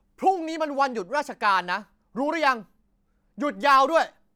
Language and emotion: Thai, angry